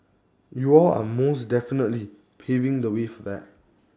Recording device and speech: standing microphone (AKG C214), read sentence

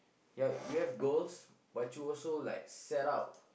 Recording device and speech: boundary microphone, conversation in the same room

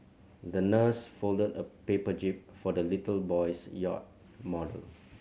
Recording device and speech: mobile phone (Samsung C7100), read sentence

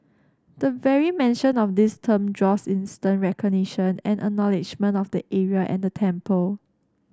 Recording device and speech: standing microphone (AKG C214), read sentence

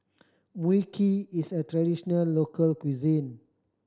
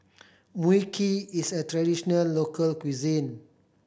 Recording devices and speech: standing microphone (AKG C214), boundary microphone (BM630), read sentence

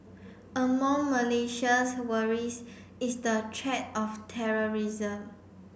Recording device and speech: boundary microphone (BM630), read sentence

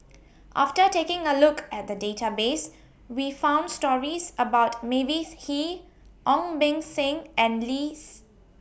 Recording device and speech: boundary microphone (BM630), read sentence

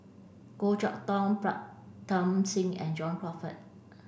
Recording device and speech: boundary microphone (BM630), read sentence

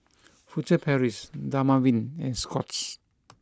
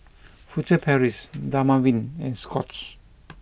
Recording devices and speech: close-talking microphone (WH20), boundary microphone (BM630), read sentence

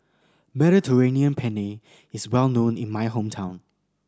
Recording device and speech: standing microphone (AKG C214), read sentence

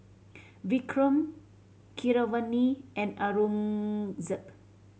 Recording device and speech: mobile phone (Samsung C7100), read sentence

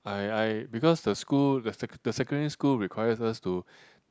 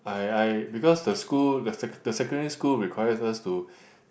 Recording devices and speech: close-talking microphone, boundary microphone, conversation in the same room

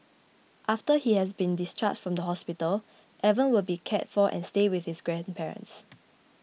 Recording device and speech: mobile phone (iPhone 6), read sentence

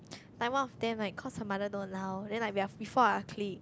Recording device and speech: close-talking microphone, conversation in the same room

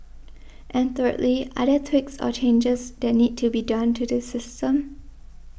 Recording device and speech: boundary microphone (BM630), read sentence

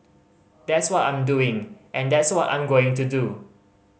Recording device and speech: mobile phone (Samsung C5010), read sentence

